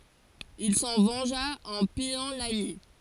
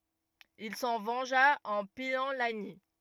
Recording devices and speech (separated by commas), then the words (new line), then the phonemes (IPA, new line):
forehead accelerometer, rigid in-ear microphone, read sentence
Il s'en vengea en pillant Lagny.
il sɑ̃ vɑ̃ʒa ɑ̃ pijɑ̃ laɲi